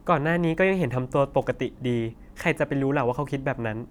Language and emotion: Thai, neutral